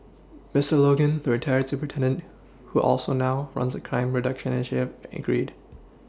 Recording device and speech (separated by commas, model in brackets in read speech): standing microphone (AKG C214), read sentence